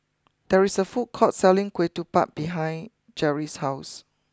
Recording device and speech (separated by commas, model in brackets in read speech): close-talking microphone (WH20), read sentence